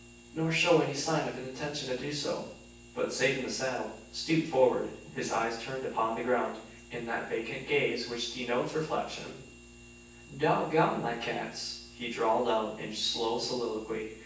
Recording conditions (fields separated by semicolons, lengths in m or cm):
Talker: one person; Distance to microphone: 9.8 m; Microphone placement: far; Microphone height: 1.8 m; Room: large; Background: none